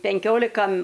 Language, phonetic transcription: Lithuanian, penˈkiolika

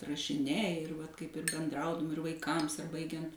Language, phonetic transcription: Lithuanian, rašiˈniai ir vat kaip ir benˈdraudum ir vaiˈkams ar ˈbaigiant

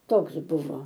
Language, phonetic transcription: Lithuanian, ˈtoks ˈbuvo

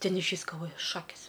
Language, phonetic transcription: Lithuanian, ˈten išˈvys galˈvoju ˈšakis

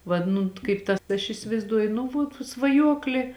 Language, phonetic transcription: Lithuanian, vad ˈnu kaip ˈta aš isivaizˈduoju nu vuot svaˈjuoklė

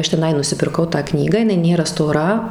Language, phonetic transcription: Lithuanian, ˈaš teˈnai nusipirˈkau tą ˈknygą jiˈnai ˈnėra stoˈra

